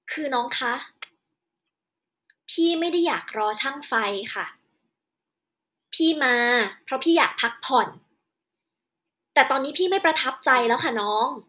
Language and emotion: Thai, angry